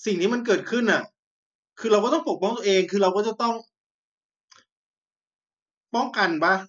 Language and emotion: Thai, frustrated